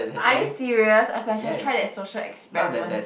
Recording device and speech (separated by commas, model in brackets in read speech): boundary microphone, conversation in the same room